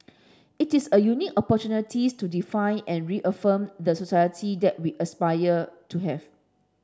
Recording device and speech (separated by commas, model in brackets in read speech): standing microphone (AKG C214), read sentence